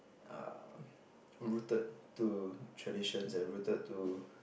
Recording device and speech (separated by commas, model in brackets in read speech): boundary microphone, conversation in the same room